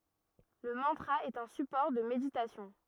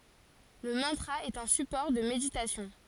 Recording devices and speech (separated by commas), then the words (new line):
rigid in-ear microphone, forehead accelerometer, read sentence
Le mantra est un support de méditation.